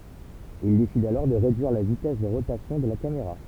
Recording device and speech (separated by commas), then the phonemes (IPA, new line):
temple vibration pickup, read sentence
il desid alɔʁ də ʁedyiʁ la vitɛs də ʁotasjɔ̃ də la kameʁa